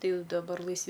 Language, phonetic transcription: Lithuanian, tai daˈbar laisˈvi

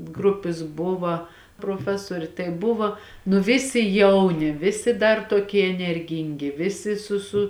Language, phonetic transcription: Lithuanian, ˈgrupis ˈbuva proˈfesuorė tai ˈbuvo nu ˈvisi ˈjauni ˈvisi dar toˈkie enerˈgyngi ˈvisi su su

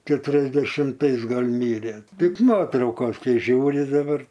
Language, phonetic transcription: Lithuanian, keturiasdešimˈtais ˈgal' ˈmyrė ˈtik ˈnuotraukos ˈkai ˈžiūri daˈbar

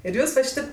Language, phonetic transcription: Lithuanian, ir ˈjūs va ˈšytėp

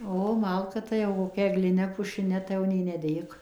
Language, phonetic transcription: Lithuanian, ˈo ˈmalka tai jau koˈkia egliˈne pušiˈne tai ˈjau nei neˈdėk

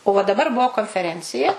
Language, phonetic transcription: Lithuanian, o va daˈbar ˈbuo konfeˈrencija

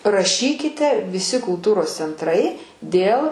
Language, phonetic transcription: Lithuanian, raˈšykite viˈsi kulˈtūros centˈrai ˈdėl

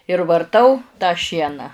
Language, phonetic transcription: Lithuanian, ir varˈtau tą ˈšieną

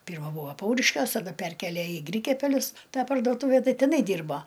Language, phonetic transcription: Lithuanian, ˈpyrma ˈbūva ˈpauriškiuos taˈda ˈperkėlė i ˈgrykiapelius ˈtą pardoˈtūve ˈtai tiˈnai ˈdyrbo

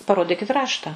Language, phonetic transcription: Lithuanian, paˈrodikit ˈrašta

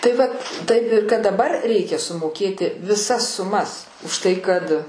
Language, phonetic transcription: Lithuanian, tai ˈvat taip i kad daˈbar ˈreikia sumoˈkėti viˈsas suˈmas užˈtai kad

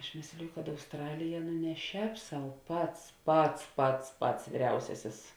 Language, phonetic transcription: Lithuanian, aš ˈmėsliju kad ausˈtralija nu ne ˈšēp sau ˈpats ˈpats ˈpats ˈpats vyˈriausiasis

